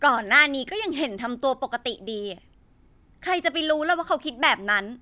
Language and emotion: Thai, frustrated